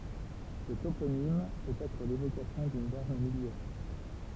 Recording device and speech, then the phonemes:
temple vibration pickup, read sentence
sə toponim pøt ɛtʁ levokasjɔ̃ dyn bɔʁn miljɛʁ

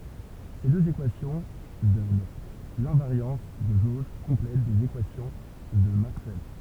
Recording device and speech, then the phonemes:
temple vibration pickup, read sentence
se døz ekwasjɔ̃ dɔn lɛ̃vaʁjɑ̃s də ʒoʒ kɔ̃plɛt dez ekwasjɔ̃ də makswɛl

